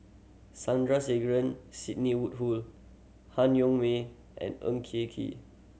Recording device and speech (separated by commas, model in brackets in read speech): mobile phone (Samsung C7100), read sentence